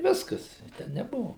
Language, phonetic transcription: Lithuanian, i ˈviskas ten neˈbuvu

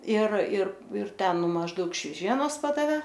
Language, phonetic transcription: Lithuanian, ir ir ir ˈten ˈnu mažˈdaug šveˈžienos ˈpadavė

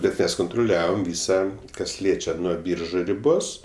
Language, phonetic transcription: Lithuanian, bet ˈmes kuntruˈliavom ˈvysa kas ˈliečia nuo ˈbyržu riˈbos

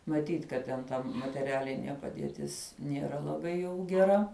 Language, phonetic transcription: Lithuanian, maˈtyt' kad ˈten ˈta mateˈrialinie padieˈtis nieˈra laˈbai jau geˈra

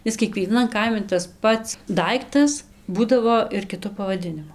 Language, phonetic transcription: Lithuanian, ˈis kiekvieˈnan ˈkaimi tas ˈpats ˈdaiktas ˈbūdavo ir kiˈtu pavaˈdinimu

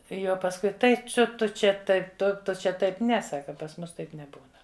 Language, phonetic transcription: Lithuanian, ˈjau pasˈkui ˈtai ˈciu ˈtu ˈčia ˈtaip ˈtu ˈtu čia ˈtaip ˈne ˈsaka pas ˈmus ˈtaip neˈbūna

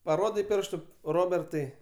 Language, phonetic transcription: Lithuanian, paˈrodei ˈpirštu ˈrobertai

